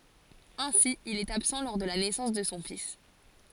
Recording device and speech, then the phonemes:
forehead accelerometer, read sentence
ɛ̃si il ɛt absɑ̃ lɔʁ də la nɛsɑ̃s də sɔ̃ fis

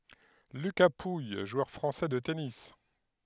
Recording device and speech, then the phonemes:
headset microphone, read sentence
lyka puj ʒwœʁ fʁɑ̃sɛ də tenis

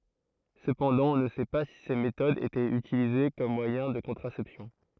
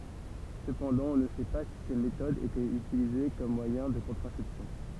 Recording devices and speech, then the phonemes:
throat microphone, temple vibration pickup, read sentence
səpɑ̃dɑ̃ ɔ̃ nə sɛ pa si se metodz etɛt ytilize kɔm mwajɛ̃ də kɔ̃tʁasɛpsjɔ̃

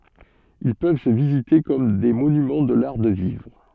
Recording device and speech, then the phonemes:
soft in-ear microphone, read sentence
il pøv sə vizite kɔm de monymɑ̃ də laʁ də vivʁ

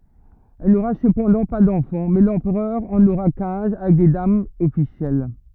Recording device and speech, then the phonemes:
rigid in-ear microphone, read sentence
ɛl noʁa səpɑ̃dɑ̃ pa dɑ̃fɑ̃ mɛ lɑ̃pʁœʁ ɑ̃n oʁa kɛ̃z avɛk de damz ɔfisjɛl

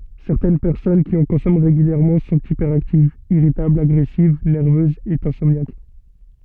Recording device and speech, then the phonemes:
soft in-ear microphone, read sentence
sɛʁtɛn pɛʁsɔn ki ɑ̃ kɔ̃sɔmɑ̃ ʁeɡyljɛʁmɑ̃ sɔ̃t ipɛʁaktivz iʁitablz aɡʁɛsiv nɛʁvøzz e ɛ̃sɔmnjak

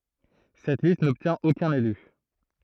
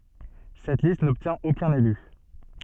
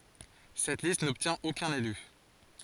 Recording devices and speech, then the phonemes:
throat microphone, soft in-ear microphone, forehead accelerometer, read sentence
sɛt list nɔbtjɛ̃t okœ̃n ely

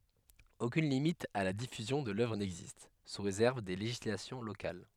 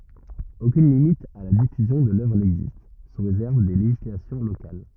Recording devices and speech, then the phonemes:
headset microphone, rigid in-ear microphone, read sentence
okyn limit a la difyzjɔ̃ də lœvʁ nɛɡzist su ʁezɛʁv de leʒislasjɔ̃ lokal

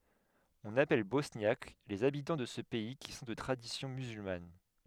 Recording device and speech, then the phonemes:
headset microphone, read sentence
ɔ̃n apɛl bɔsnjak lez abitɑ̃ də sə pɛi ki sɔ̃ də tʁadisjɔ̃ myzylman

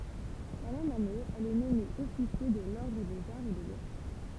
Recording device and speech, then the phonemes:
temple vibration pickup, read sentence
la mɛm ane ɛl ɛ nɔme ɔfisje də lɔʁdʁ dez aʁz e de lɛtʁ

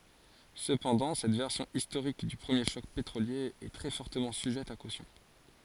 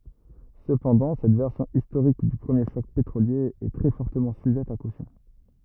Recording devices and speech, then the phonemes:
forehead accelerometer, rigid in-ear microphone, read sentence
səpɑ̃dɑ̃ sɛt vɛʁsjɔ̃ istoʁik dy pʁəmje ʃɔk petʁolje ɛ tʁɛ fɔʁtəmɑ̃ syʒɛt a kosjɔ̃

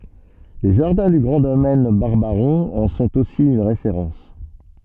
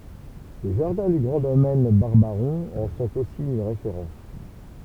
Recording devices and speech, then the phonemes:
soft in-ear microphone, temple vibration pickup, read sentence
le ʒaʁdɛ̃ dy ɡʁɑ̃ domɛn baʁbaʁɔ̃ ɑ̃ sɔ̃t osi yn ʁefeʁɑ̃s

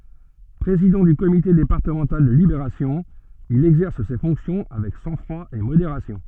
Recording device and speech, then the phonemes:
soft in-ear microphone, read sentence
pʁezidɑ̃ dy komite depaʁtəmɑ̃tal də libeʁasjɔ̃ il ɛɡzɛʁs se fɔ̃ksjɔ̃ avɛk sɑ̃ɡfʁwa e modeʁasjɔ̃

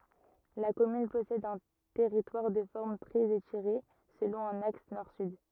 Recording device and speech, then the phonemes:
rigid in-ear microphone, read sentence
la kɔmyn pɔsɛd œ̃ tɛʁitwaʁ də fɔʁm tʁɛz etiʁe səlɔ̃ œ̃n aks nɔʁ syd

